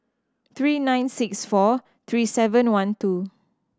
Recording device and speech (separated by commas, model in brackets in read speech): standing microphone (AKG C214), read sentence